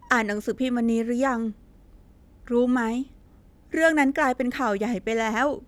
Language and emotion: Thai, sad